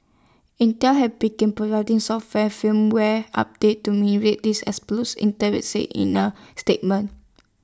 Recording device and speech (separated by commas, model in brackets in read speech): standing microphone (AKG C214), read sentence